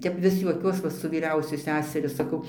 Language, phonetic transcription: Lithuanian, ˈtep ˈvis juoˈkiuos va su vyˈriausiu ˈseseriu saˈkau

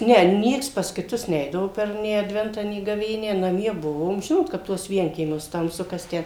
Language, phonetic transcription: Lithuanian, ˈne ˈnieks pas kiˈtus ˈneidavo per nė adˈventą nė gaˈvėnią naˈmie ˈbuvom ˈžinot kap ˈtuos ˈvienkiemiuos tamˈsu kas ˈtę

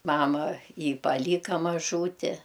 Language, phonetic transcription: Lithuanian, ˈmama ˈjį paˈlyka maˈžūti

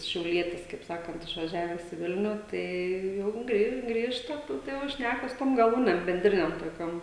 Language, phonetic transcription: Lithuanian, šiauˈlietis kaip ˈsakant išvaˈžiaves i ˈvilniu ˈtai ˈjau gri ˈgrįžta ˈtu tai jau ˈšnæka su tom gaˈlūnem benˈdrinem toˈkiom

